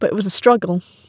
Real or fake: real